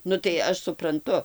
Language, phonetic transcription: Lithuanian, ˈnu tai ˈaš supranˈtu

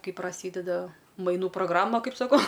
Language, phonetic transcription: Lithuanian, ˈkai praˈsydeda maiˈnų progˈrama ˈkaip saˈkau

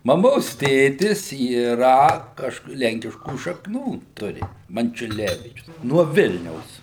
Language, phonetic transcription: Lithuanian, maˈmos ˈtėtis yˈra ˈkažk ˈlenkiškų šakˈnų ˈturi mančiuˈlevyčius nuo ˈvilniaus

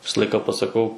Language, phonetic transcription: Lithuanian, ˈvisa ˈlaika pasaˈkau

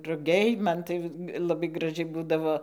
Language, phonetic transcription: Lithuanian, ruˈgiai ˈman tai laˈbai graˈžiai ˈbūdavo

